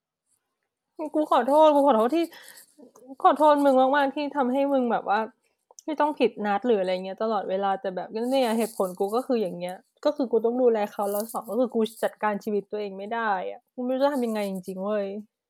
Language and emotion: Thai, sad